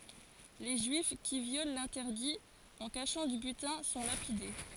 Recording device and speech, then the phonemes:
forehead accelerometer, read sentence
le ʒyif ki vjol lɛ̃tɛʁdi ɑ̃ kaʃɑ̃ dy bytɛ̃ sɔ̃ lapide

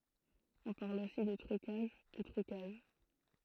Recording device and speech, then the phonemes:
throat microphone, read sentence
ɔ̃ paʁl osi də tʁykaʒ u tʁykaʒ

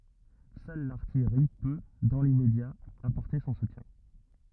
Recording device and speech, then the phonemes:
rigid in-ear microphone, read sentence
sœl laʁtijʁi pø dɑ̃ limmedja apɔʁte sɔ̃ sutjɛ̃

